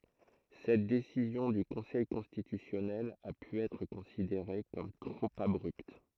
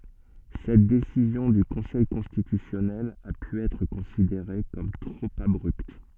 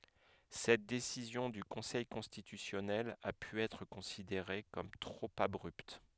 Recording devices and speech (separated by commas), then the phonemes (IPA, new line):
throat microphone, soft in-ear microphone, headset microphone, read sentence
sɛt desizjɔ̃ dy kɔ̃sɛj kɔ̃stitysjɔnɛl a py ɛtʁ kɔ̃sideʁe kɔm tʁop abʁypt